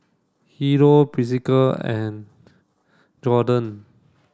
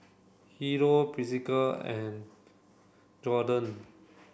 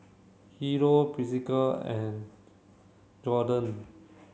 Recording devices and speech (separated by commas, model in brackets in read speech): standing microphone (AKG C214), boundary microphone (BM630), mobile phone (Samsung C7), read sentence